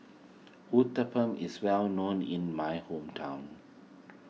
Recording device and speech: mobile phone (iPhone 6), read sentence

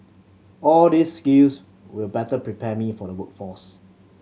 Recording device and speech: mobile phone (Samsung C7100), read sentence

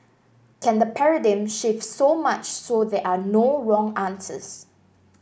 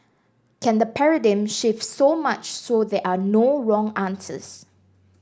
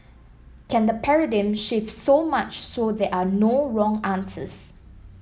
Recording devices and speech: boundary microphone (BM630), standing microphone (AKG C214), mobile phone (iPhone 7), read sentence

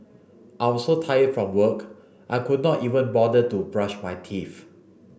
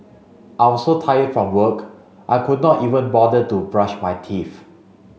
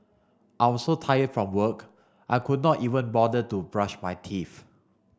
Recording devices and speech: boundary microphone (BM630), mobile phone (Samsung C5), standing microphone (AKG C214), read sentence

